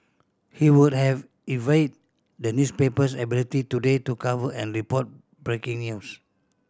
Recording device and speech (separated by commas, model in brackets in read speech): standing microphone (AKG C214), read sentence